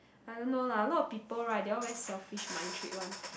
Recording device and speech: boundary microphone, conversation in the same room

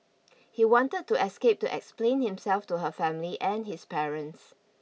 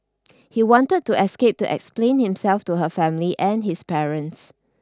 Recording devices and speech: mobile phone (iPhone 6), standing microphone (AKG C214), read sentence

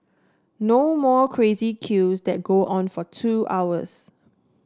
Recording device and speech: standing microphone (AKG C214), read sentence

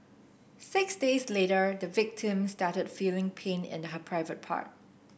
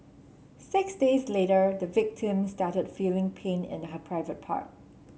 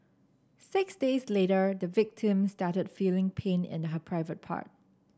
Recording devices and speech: boundary microphone (BM630), mobile phone (Samsung C7), standing microphone (AKG C214), read sentence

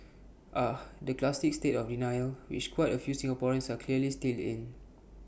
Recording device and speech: boundary microphone (BM630), read sentence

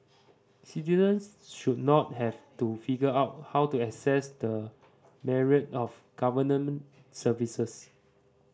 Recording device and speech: standing microphone (AKG C214), read sentence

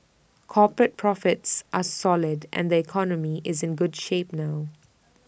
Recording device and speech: boundary microphone (BM630), read sentence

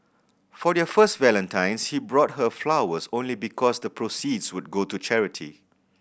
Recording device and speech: boundary microphone (BM630), read sentence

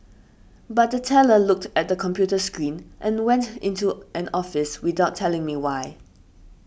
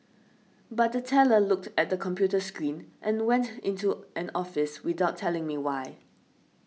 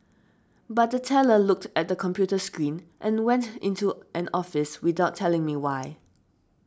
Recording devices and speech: boundary microphone (BM630), mobile phone (iPhone 6), standing microphone (AKG C214), read sentence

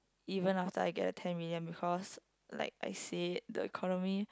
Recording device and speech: close-talking microphone, conversation in the same room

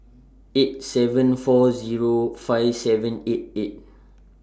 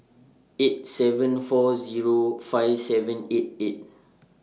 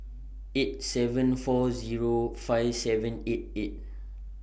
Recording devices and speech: standing microphone (AKG C214), mobile phone (iPhone 6), boundary microphone (BM630), read sentence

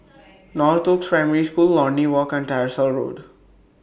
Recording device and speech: boundary microphone (BM630), read sentence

